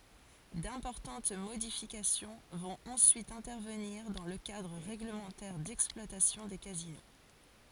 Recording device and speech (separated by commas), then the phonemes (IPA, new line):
forehead accelerometer, read sentence
dɛ̃pɔʁtɑ̃t modifikasjɔ̃ vɔ̃t ɑ̃syit ɛ̃tɛʁvəniʁ dɑ̃ lə kadʁ ʁɛɡləmɑ̃tɛʁ dɛksplwatasjɔ̃ de kazino